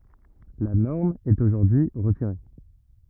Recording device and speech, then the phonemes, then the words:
rigid in-ear microphone, read sentence
la nɔʁm ɛt oʒuʁdyi ʁətiʁe
La norme est aujourd’hui retirée.

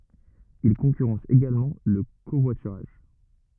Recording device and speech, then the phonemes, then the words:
rigid in-ear microphone, read sentence
il kɔ̃kyʁɑ̃s eɡalmɑ̃ lə kovwatyʁaʒ
Il concurrence également le covoiturage.

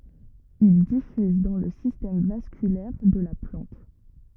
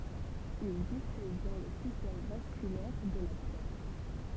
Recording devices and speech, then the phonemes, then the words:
rigid in-ear microphone, temple vibration pickup, read sentence
il difyz dɑ̃ lə sistɛm vaskylɛʁ də la plɑ̃t
Il diffuse dans le système vasculaire de la plante.

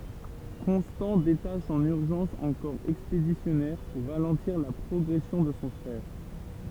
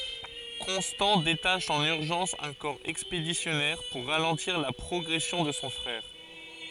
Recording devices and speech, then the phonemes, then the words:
temple vibration pickup, forehead accelerometer, read sentence
kɔ̃stɑ̃ detaʃ ɑ̃n yʁʒɑ̃s œ̃ kɔʁ ɛkspedisjɔnɛʁ puʁ ʁalɑ̃tiʁ la pʁɔɡʁɛsjɔ̃ də sɔ̃ fʁɛʁ
Constant détache en urgence un corps expéditionnaire pour ralentir la progression de son frère.

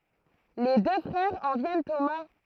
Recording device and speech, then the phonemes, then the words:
throat microphone, read sentence
le dø fʁɛʁz ɑ̃ vjɛnt o mɛ̃
Les deux frères en viennent aux mains.

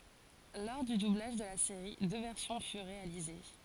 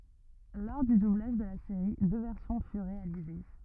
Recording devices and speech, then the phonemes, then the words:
forehead accelerometer, rigid in-ear microphone, read sentence
lɔʁ dy dublaʒ də la seʁi dø vɛʁsjɔ̃ fyʁ ʁealize
Lors du doublage de la série, deux versions furent réalisées.

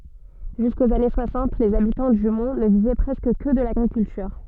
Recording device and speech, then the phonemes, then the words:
soft in-ear microphone, read sentence
ʒyskoz ane swasɑ̃t lez abitɑ̃ dy mɔ̃ nə vivɛ pʁɛskə kə də laɡʁikyltyʁ
Jusqu'aux années soixante, les habitants du Mont ne vivaient presque que de l’agriculture.

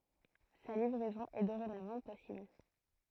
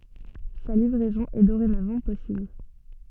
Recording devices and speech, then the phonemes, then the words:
throat microphone, soft in-ear microphone, read sentence
sa livʁɛzɔ̃ ɛ doʁenavɑ̃ pɔsibl
Sa livraison est dorénavant possible.

